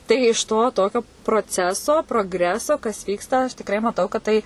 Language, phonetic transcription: Lithuanian, tai iš ˈto ˈtokio proˈceso progˈreso kas ˈvyksta aš tikˈrai maˈtau kad ˈtai

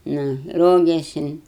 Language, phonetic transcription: Lithuanian, ˈnu ˈrogėsin

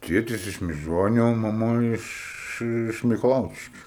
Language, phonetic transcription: Lithuanian, ˈtėtis iš miˈžoniu o maˈma iš iš mikaˈlaučiškiu

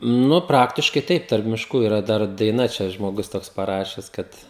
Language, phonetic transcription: Lithuanian, ˈnu ˈpraktiškai ˈtaip tarp mišˈkų iˈra ˈdar daiˈna ˈčia žmoˈgus ˈtoks paˈrašes ˈkad

